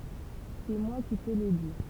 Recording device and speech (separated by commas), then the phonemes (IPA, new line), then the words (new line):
temple vibration pickup, read sentence
sɛ mwa ki tə lə di
C’est moi qui te le dis.